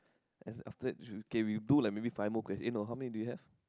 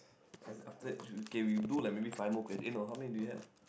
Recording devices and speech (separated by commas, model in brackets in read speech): close-talking microphone, boundary microphone, conversation in the same room